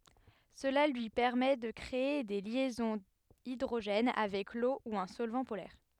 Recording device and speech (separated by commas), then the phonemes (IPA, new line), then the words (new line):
headset microphone, read sentence
səla lyi pɛʁmɛ də kʁee de ljɛzɔ̃z idʁoʒɛn avɛk lo u œ̃ sɔlvɑ̃ polɛʁ
Cela lui permet de créer des liaisons hydrogène avec l'eau ou un solvant polaire.